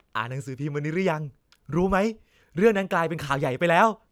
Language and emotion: Thai, happy